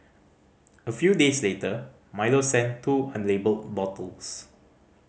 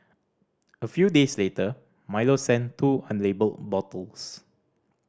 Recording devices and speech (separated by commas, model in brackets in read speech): mobile phone (Samsung C5010), standing microphone (AKG C214), read sentence